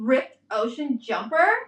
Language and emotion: English, disgusted